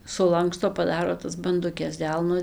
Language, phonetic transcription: Lithuanian, suˈlanksto paˈdaro tas banduˈkes ˈdelno

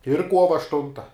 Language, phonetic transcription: Lithuanian, ir ˈkuova ašˈtunta

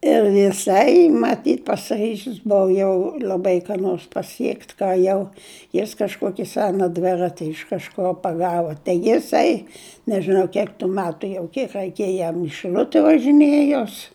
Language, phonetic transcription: Lithuanian, ir jiˈsai maˈtyt pasiˈryžis ˈbuva jau l'aˈbai ką ˈnors paˈsiekt' ką ˈjau jis kažˈkoki ˈsena ˈdvirati iš kažˈko paˈgava tai jiˈsai nežiˈnau ˈkiek tu ˈmetu jau ˈkiek reiˈkėja jam i šiˈl'ute važiˈnėjos

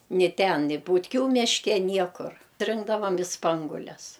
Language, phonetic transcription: Lithuanian, ni ten ni butˈkių mišˈke ˈniekur ˈrinkdavam i ˈspangules

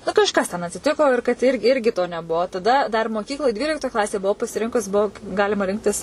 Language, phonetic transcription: Lithuanian, nu kažˈkas ten atsiˈtiko ir kad ir ˈirgi to neˈbuo taˈda dar moˈkykloj ˈdvyliktoj ˈklasėj buˈvau pasiˈrinkus ˈbuo ˈgalima ˈrinktis

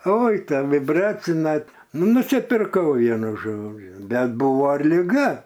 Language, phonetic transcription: Lithuanian, ˈoi ˈta viˈbracina ˈnu ˈnusipirˈkau ˈvienu ˈžodžiu ˈbet ˈbuvo ir liˈga

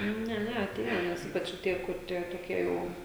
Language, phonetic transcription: Lithuanian, ˈne ˈne aˈtėja ˈnes ˈypač o ˈtie kur ˈtie toˈkie ˈjau

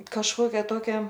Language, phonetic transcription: Lithuanian, kažˈkokia ˈtokia

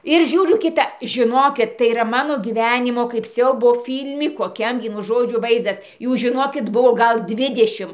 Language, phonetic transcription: Lithuanian, ir ˈžiūriu kiˈta žiˈnokit tai yˈra ˈmano gyˈvenimo kaip ˈsiaubo ˈfyl'mi koˈkiam ˈvienu ˈžodžiu ˈvaizdas ˈjų žiˈnokit ˈbuvo ˈgal ˈdvidešim

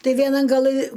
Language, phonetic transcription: Lithuanian, ˈtai vieˈnan gaˈlɨ

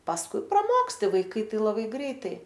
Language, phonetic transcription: Lithuanian, pasˈkui praˈmoksti vaiˈkai ˈtai laˈbai ˈgreitai

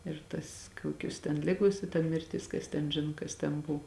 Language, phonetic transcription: Lithuanian, ir ˈtas ˈkuokius ten ˈligos i ta mirˈtis ˈkas ten ˈžino kas ten ˈbuv

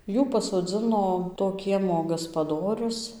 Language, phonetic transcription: Lithuanian, ˈjų pasodzɨno to ˈkiemo gaspaˈdorius

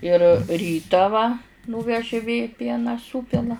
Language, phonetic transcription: Lithuanian, ir ˈrytą va ˈnūveži vė ˈpieną ˈsūpila

